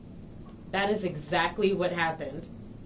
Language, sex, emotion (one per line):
English
female
neutral